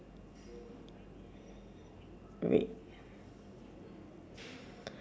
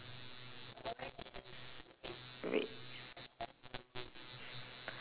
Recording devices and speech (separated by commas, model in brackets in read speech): standing microphone, telephone, conversation in separate rooms